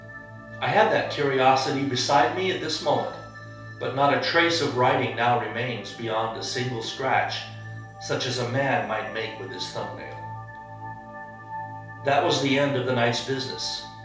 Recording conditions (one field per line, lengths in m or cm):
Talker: one person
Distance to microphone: 3.0 m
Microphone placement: far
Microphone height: 1.8 m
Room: small (3.7 m by 2.7 m)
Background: music